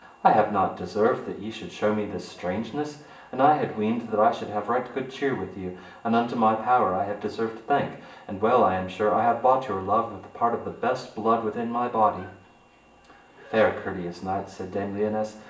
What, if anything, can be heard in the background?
A television.